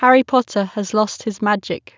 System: none